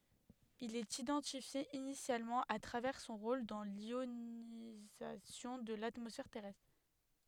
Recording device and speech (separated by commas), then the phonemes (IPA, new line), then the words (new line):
headset microphone, read sentence
il ɛt idɑ̃tifje inisjalmɑ̃ a tʁavɛʁ sɔ̃ ʁol dɑ̃ ljonizasjɔ̃ də latmɔsfɛʁ tɛʁɛstʁ
Il est identifié initialement à travers son rôle dans l'ionisation de l'atmosphère terrestre.